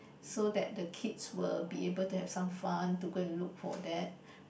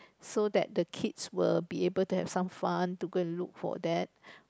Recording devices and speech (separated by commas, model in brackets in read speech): boundary microphone, close-talking microphone, conversation in the same room